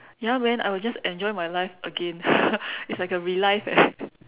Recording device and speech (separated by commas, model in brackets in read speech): telephone, conversation in separate rooms